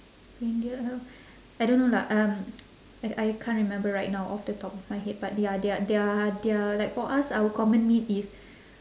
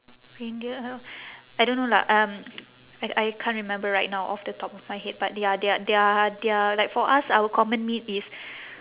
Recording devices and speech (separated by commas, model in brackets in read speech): standing microphone, telephone, conversation in separate rooms